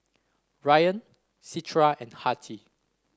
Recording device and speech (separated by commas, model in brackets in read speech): standing microphone (AKG C214), read sentence